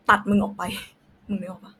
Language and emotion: Thai, angry